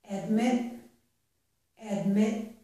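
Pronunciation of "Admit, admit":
In 'admit', said twice, the final t is unreleased. There is no strong puff of air at the end, so the t sounds unfinished.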